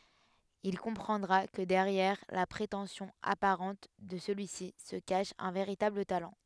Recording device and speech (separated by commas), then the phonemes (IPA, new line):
headset microphone, read sentence
il kɔ̃pʁɑ̃dʁa kə dɛʁjɛʁ la pʁetɑ̃sjɔ̃ apaʁɑ̃t də səlyi si sə kaʃ œ̃ veʁitabl talɑ̃